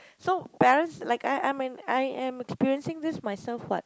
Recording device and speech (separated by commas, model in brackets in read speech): close-talking microphone, conversation in the same room